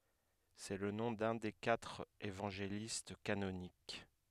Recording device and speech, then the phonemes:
headset microphone, read sentence
sɛ lə nɔ̃ dœ̃ de katʁ evɑ̃ʒelist kanonik

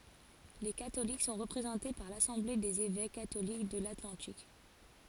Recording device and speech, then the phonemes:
forehead accelerometer, read sentence
le katolik sɔ̃ ʁəpʁezɑ̃te paʁ lasɑ̃ble dez evɛk katolik də latlɑ̃tik

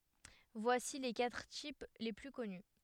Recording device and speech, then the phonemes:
headset microphone, read sentence
vwasi le katʁ tip le ply kɔny

